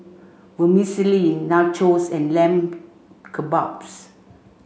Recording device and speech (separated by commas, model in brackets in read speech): mobile phone (Samsung C5), read sentence